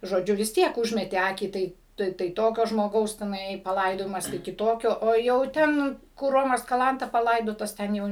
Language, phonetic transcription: Lithuanian, žoˈdžiu vis ˈtiek ˈužmeti ˈakį ˈtai ˈtai tai ˈtokio žmoˈgaus teˈnai paˈlaidojimas tai kiˈtokio o jau ˈten kur ˈromas kaˈlanta paˈlaidotas ˈten jau

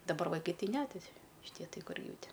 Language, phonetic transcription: Lithuanian, daˈbar vaiˈkai ˈti ne ti šiˈtie ˈtai ˈkur ˈjau ˈti

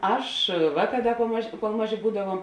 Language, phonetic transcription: Lithuanian, ˈaš ˈvāˌkā ˈda kol ˈmaˌžė kol ˈmaˌžė ˈbūdavuom

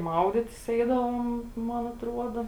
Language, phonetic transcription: Lithuanian, ˈmauditis ˈeidavom ˈman atˈruoda

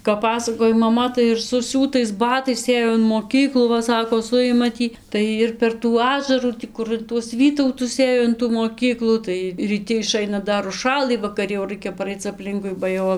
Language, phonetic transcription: Lithuanian, kap ˈpasakoj maˈma tai ir suˈsiūtais ˈbatais ˈėjo in moˈkyklų ˈva sako ˈsujima ˈtį ˈtai ir per tų ˈažarų ˈtį kur in tuos ˈvytautus ˈėjo in tų moˈkyklų tai ryˈti iˈšaina ˈdar užˈšalɨ vakaˈri jau ˈraikia paˈraic apˈlinkui ba ˈjau

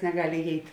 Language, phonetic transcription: Lithuanian, negal' iˈjeit'

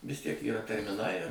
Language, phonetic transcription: Lithuanian, vis ˈtiek yˈra termiˈnai

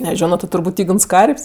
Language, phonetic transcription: Lithuanian, neˈžiono ti turˈbūt' ˈygns ˈkarp's'

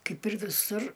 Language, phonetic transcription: Lithuanian, ˈkaip ir viˈsur

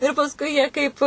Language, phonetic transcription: Lithuanian, ir pasˈkui jie ˈkaip

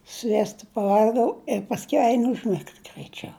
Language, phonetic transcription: Lithuanian, ˈsviesta paˈval'gau i pasˈkiau ˈein užˈmigt graiˈčiau

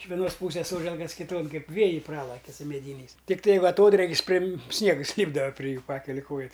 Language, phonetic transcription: Lithuanian, iš veˈnos ˈpūsės ˈsoželkas kiˈton ˈkaip ˈvėjai ˈpralaki su meˈdyniais tikˈtai ˈva aˈtodrėkis ˈprim ˈsniegas ˈlypdava pri ˈjų ˈpakeli ˈkoja

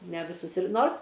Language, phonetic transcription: Lithuanian, ne viˈsus ir ˈnors

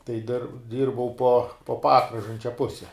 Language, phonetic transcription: Lithuanian, tai dir ˈdyrbau po po ˈpakražančia ˈpuse

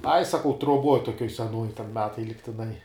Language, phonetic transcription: Lithuanian, ai saˈkau truoˈbuoj toˈkiuoj seˈnuoj ten ˈmetai ligtiˈnai

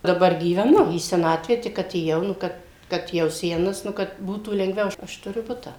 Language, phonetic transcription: Lithuanian, daˈbar gyveˈnu į seˈnatvę ˈtik atėˈjau nu ˈkad ˈkad jau ˈsenas nu ˈkad ˈbūtų lengˈviau ˈaš aš tuˈriu ˈbutą

